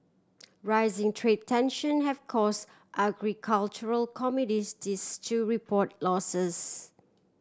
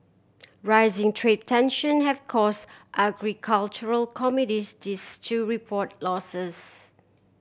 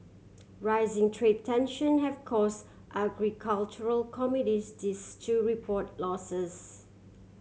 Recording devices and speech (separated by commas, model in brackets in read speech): standing microphone (AKG C214), boundary microphone (BM630), mobile phone (Samsung C7100), read sentence